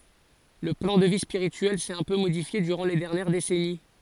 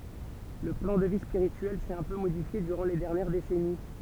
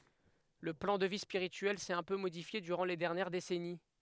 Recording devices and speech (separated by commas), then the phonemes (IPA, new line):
forehead accelerometer, temple vibration pickup, headset microphone, read sentence
lə plɑ̃ də vi spiʁityɛl sɛt œ̃ pø modifje dyʁɑ̃ le dɛʁnjɛʁ desɛni